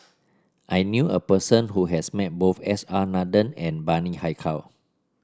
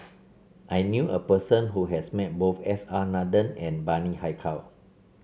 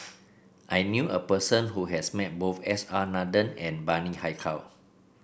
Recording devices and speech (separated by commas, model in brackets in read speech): standing microphone (AKG C214), mobile phone (Samsung C7), boundary microphone (BM630), read sentence